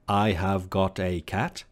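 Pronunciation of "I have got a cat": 'I have got a cat' is said in a very robotic and unnatural way, not the way the sentence is normally pronounced.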